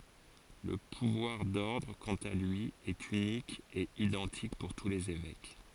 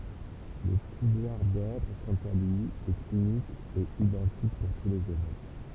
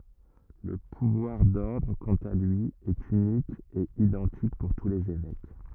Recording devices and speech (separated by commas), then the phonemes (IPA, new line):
forehead accelerometer, temple vibration pickup, rigid in-ear microphone, read sentence
lə puvwaʁ dɔʁdʁ kɑ̃t a lyi ɛt ynik e idɑ̃tik puʁ tu lez evɛk